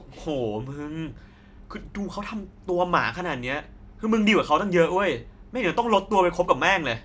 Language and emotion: Thai, frustrated